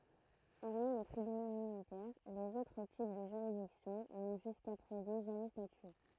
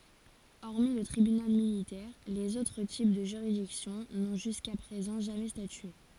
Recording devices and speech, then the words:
throat microphone, forehead accelerometer, read sentence
Hormis le Tribunal Militaire, les autres types de juridiction n'ont jusqu'à présent jamais statué.

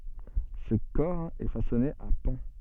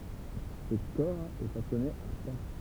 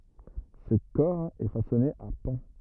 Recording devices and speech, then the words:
soft in-ear microphone, temple vibration pickup, rigid in-ear microphone, read sentence
Ce cor est façonné à pans.

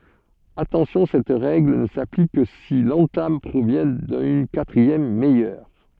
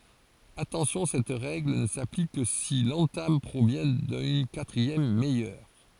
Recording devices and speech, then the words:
soft in-ear microphone, forehead accelerometer, read sentence
Attention cette règle ne s'applique que si l'entame provient d'une quatrième meilleure.

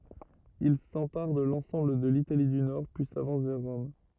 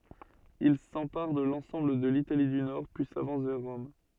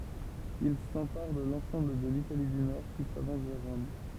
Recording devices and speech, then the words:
rigid in-ear microphone, soft in-ear microphone, temple vibration pickup, read sentence
Il s’empare de l’ensemble de l’Italie du Nord, puis s’avance vers Rome.

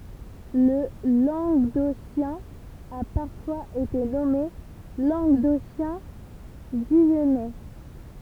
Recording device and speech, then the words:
temple vibration pickup, read sentence
Le languedocien a parfois été nommé languedocien-guyennais.

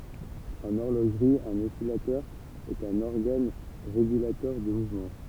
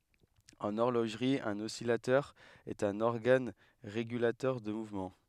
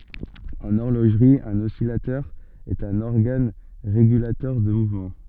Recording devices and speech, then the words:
temple vibration pickup, headset microphone, soft in-ear microphone, read sentence
En horlogerie, un oscillateur est un organe régulateur de mouvement.

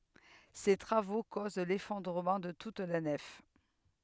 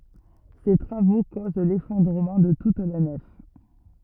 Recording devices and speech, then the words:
headset microphone, rigid in-ear microphone, read sentence
Ces travaux causent l'effondrement de toute la nef.

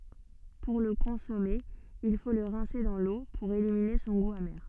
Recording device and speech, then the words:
soft in-ear microphone, read sentence
Pour le consommer, il faut le rincer dans l'eau pour éliminer son goût amer.

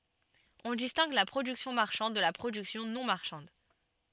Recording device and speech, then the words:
soft in-ear microphone, read sentence
On distingue la production marchande de la production non marchande.

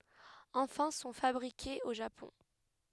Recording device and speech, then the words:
headset microphone, read sentence
Enfin sont fabriquées au Japon.

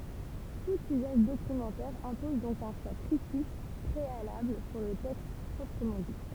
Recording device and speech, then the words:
temple vibration pickup, read sentence
Tout usage documentaire impose donc un choix critique préalable sur le texte proprement dit.

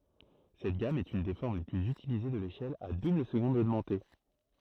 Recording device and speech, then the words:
throat microphone, read sentence
Cette gamme est une des formes les plus utilisées de l'échelle à double-seconde augmentée.

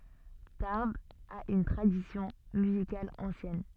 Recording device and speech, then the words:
soft in-ear microphone, read sentence
Tarbes a une tradition musicale ancienne.

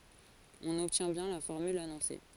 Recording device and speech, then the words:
forehead accelerometer, read sentence
On obtient bien la formule annoncée.

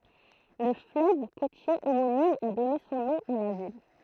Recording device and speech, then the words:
throat microphone, read sentence
Le fleuve côtier homonyme a donné son nom à la ville.

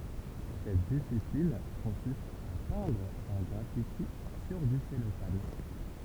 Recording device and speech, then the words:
temple vibration pickup, read sentence
Cette discipline consiste à peindre un graffiti sur du cellophane.

